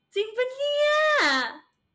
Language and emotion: Thai, happy